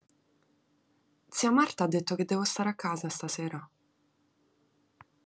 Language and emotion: Italian, neutral